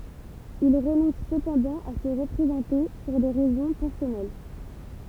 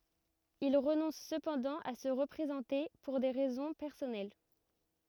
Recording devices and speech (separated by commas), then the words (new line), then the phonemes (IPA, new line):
temple vibration pickup, rigid in-ear microphone, read sentence
Il renonce cependant à se représenter, pour des raisons personnelles.
il ʁənɔ̃s səpɑ̃dɑ̃ a sə ʁəpʁezɑ̃te puʁ de ʁɛzɔ̃ pɛʁsɔnɛl